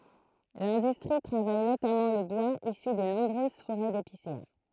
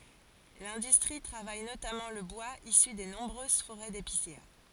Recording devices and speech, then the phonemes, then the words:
throat microphone, forehead accelerometer, read sentence
lɛ̃dystʁi tʁavaj notamɑ̃ lə bwaz isy de nɔ̃bʁøz foʁɛ depisea
L'industrie travaille notamment le bois issu des nombreuses forêts d'épicéas.

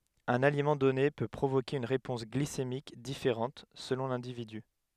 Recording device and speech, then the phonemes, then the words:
headset microphone, read sentence
œ̃n alimɑ̃ dɔne pø pʁovoke yn ʁepɔ̃s ɡlisemik difeʁɑ̃t səlɔ̃ lɛ̃dividy
Un aliment donné peut provoquer une réponse glycémique différente selon l’individu.

